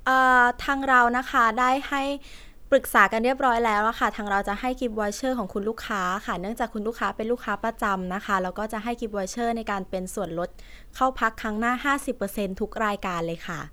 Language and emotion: Thai, neutral